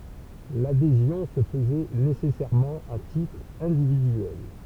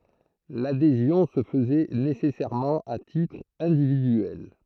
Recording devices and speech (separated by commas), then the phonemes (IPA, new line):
temple vibration pickup, throat microphone, read sentence
ladezjɔ̃ sə fəzɛ nesɛsɛʁmɑ̃ a titʁ ɛ̃dividyɛl